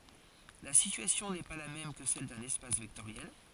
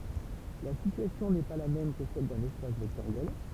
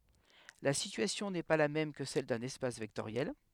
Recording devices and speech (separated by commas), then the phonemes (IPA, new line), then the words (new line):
forehead accelerometer, temple vibration pickup, headset microphone, read sentence
la sityasjɔ̃ nɛ pa la mɛm kə sɛl dœ̃n ɛspas vɛktoʁjɛl
La situation n'est pas la même que celle d'un espace vectoriel.